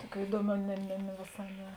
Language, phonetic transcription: Lithuanian, ˈtuoˌkių ˈįduoˌmių ne ne ne vėˈsā ˈne

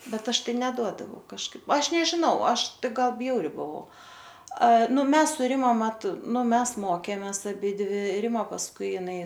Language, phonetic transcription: Lithuanian, ˈbet ˈaš ˈtai neˈduodavau kažˈkaip ˈaš nežiˈnau ˈaš ˈtai ˈgal ˈbjauri buˈvau a ˈnu ˈmes su ˈrima ˈmat ˈnu ˈmes ˈmokėmės aˈbidvi ˈrima pasˈkui iˈnai

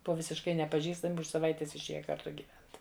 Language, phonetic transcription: Lithuanian, ˈbuva visišˈkai nepaˈžįstami už saˈvaitės išˈėja karˈtu gyˈvent

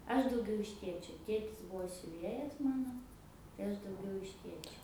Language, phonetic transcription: Lithuanian, ˈaš dauˈgiau iš ˈtėčio ˈtėtis ˈbuvo siuˈvėjas ˈmano tai ˈaš dauˈgiau iš ˈtėčio

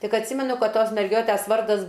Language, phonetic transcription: Lithuanian, ˈtik atˈsymenu ˈkad ˈtos merˈgiotæs ˈvardas

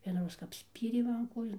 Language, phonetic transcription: Lithuanian, vienaˈroz kap ˈspyrė ˈman ˈkojon

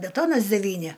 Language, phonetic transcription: Lithuanian, beˈtonas deˈvyni

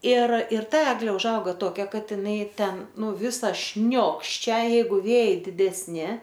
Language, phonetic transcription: Lithuanian, ir ir ˈta ˈeglė užˈauga toˈkia ˈkad iˈnai ˈten ˈnu ˈvisa ˈšniokščia ˈjeigu ˈvėjai didesˈni

